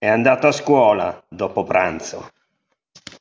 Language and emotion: Italian, angry